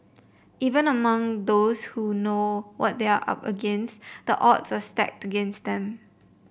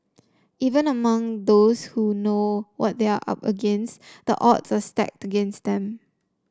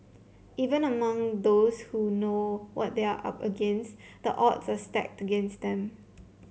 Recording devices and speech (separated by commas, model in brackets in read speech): boundary microphone (BM630), standing microphone (AKG C214), mobile phone (Samsung C7), read sentence